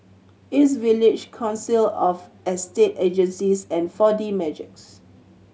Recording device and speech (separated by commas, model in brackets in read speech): mobile phone (Samsung C7100), read sentence